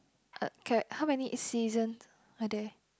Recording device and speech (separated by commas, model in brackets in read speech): close-talking microphone, conversation in the same room